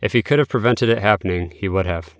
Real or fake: real